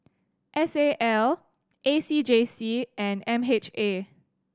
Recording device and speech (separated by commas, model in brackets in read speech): standing microphone (AKG C214), read sentence